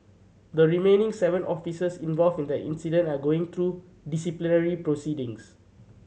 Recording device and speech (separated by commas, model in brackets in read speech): mobile phone (Samsung C7100), read sentence